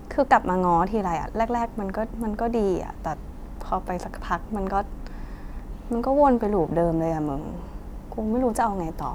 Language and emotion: Thai, frustrated